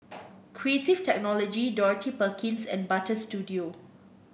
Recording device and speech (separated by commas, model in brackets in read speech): boundary microphone (BM630), read sentence